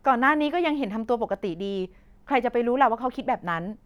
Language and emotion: Thai, neutral